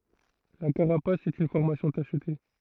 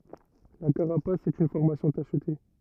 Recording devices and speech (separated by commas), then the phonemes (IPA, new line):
throat microphone, rigid in-ear microphone, read sentence
la kaʁapas ɛt yn fɔʁmasjɔ̃ taʃte